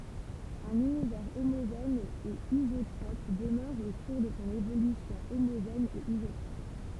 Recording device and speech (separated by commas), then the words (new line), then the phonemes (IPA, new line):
temple vibration pickup, read sentence
Un univers homogène et isotrope demeure au cours de son évolution homogène et isotrope.
œ̃n ynivɛʁ omoʒɛn e izotʁɔp dəmœʁ o kuʁ də sɔ̃ evolysjɔ̃ omoʒɛn e izotʁɔp